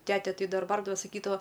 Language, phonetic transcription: Lithuanian, ˈtete ˈtai ˈdar ˈbardava saˈkydava

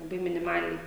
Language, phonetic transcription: Lithuanian, laˈbai miniˈmaliai

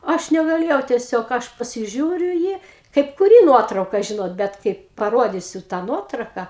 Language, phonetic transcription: Lithuanian, ˈaš negaˈlėjau tieˈsiog ˈaš pasiˈžiūriu i ˈjį kaip kuˈry ˈnuotrauka ˈžinot ˈbet kaip paˈrodysiu tą ˈnuotrauka

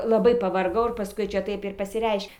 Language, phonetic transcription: Lithuanian, laˈbai pavarˈgau ir paˈskui ˈčia ˈtaip ir pasiˈreiš'

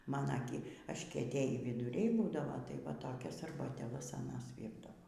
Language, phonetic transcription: Lithuanian, ˈmana gi ažkieˈtėjį viduˈriai ˈbūdavo tai va ˈtokias arbatėˈlas aˈnas ˈvyrdavo

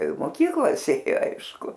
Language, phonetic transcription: Lithuanian, i moˈkyklas ˈėjo ˈaišku

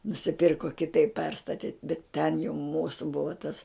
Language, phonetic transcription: Lithuanian, nusiˈpirko kiˈtaip ˈperstati bet ten jau ˈmūsu ˈbuva tas

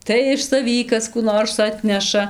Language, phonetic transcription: Lithuanian, tai iš saˈvį ˈkas kų ˈnors ˈatneša

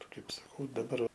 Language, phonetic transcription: Lithuanian, ˈkaip saˈkau daˈbar

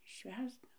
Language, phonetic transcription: Lithuanian, ˈšvęsda

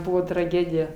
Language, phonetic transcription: Lithuanian, ˈbuvo traˈgėdija

